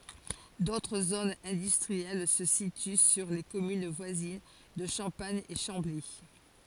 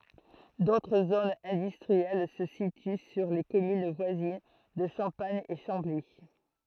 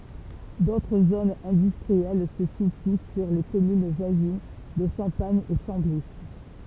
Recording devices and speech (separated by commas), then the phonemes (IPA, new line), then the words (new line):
forehead accelerometer, throat microphone, temple vibration pickup, read sentence
dotʁ zonz ɛ̃dystʁiɛl sə sity syʁ le kɔmyn vwazin də ʃɑ̃paɲ e ʃɑ̃bli
D'autres zones industrielles se situent sur les communes voisines de Champagne et Chambly.